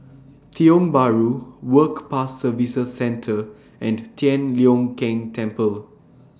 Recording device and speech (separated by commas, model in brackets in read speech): standing microphone (AKG C214), read sentence